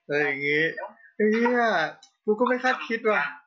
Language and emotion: Thai, happy